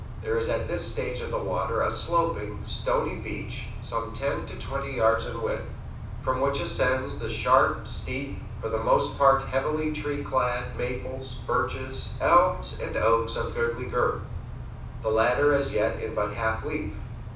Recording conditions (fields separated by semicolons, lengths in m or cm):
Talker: one person; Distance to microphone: 5.8 m; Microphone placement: far; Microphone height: 1.8 m; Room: medium-sized (5.7 m by 4.0 m); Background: none